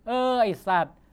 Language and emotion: Thai, frustrated